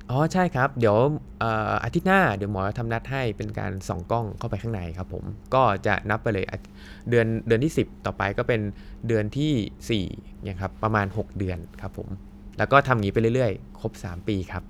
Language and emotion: Thai, neutral